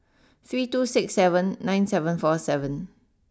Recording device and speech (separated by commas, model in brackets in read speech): standing microphone (AKG C214), read sentence